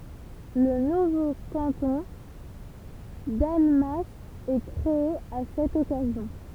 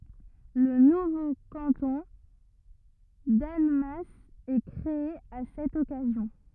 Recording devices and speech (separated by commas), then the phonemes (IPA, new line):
temple vibration pickup, rigid in-ear microphone, read sentence
lə nuvo kɑ̃tɔ̃ danmas ɛ kʁee a sɛt ɔkazjɔ̃